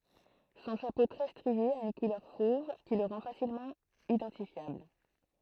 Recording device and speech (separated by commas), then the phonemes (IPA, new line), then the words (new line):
throat microphone, read sentence
sɔ̃ ʃapo tʁɛ stʁie a yn kulœʁ fov ki lə ʁɑ̃ fasilmɑ̃ idɑ̃tifjabl
Son chapeau très strié a une couleur fauve qui le rend facilement identifiable.